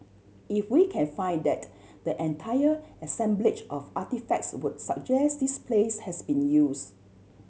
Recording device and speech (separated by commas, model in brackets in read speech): mobile phone (Samsung C7100), read sentence